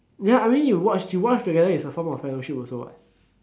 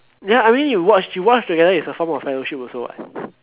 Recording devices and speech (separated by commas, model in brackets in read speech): standing microphone, telephone, conversation in separate rooms